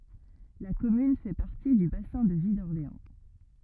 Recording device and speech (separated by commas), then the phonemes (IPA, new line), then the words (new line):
rigid in-ear microphone, read sentence
la kɔmyn fɛ paʁti dy basɛ̃ də vi dɔʁleɑ̃
La commune fait partie du bassin de vie d'Orléans.